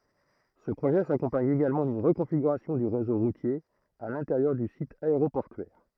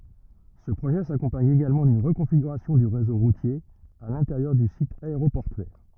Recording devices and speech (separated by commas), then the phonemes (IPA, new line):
throat microphone, rigid in-ear microphone, read sentence
sə pʁoʒɛ sakɔ̃paɲ eɡalmɑ̃ dyn ʁəkɔ̃fiɡyʁasjɔ̃ dy ʁezo ʁutje a lɛ̃teʁjœʁ dy sit aeʁopɔʁtyɛʁ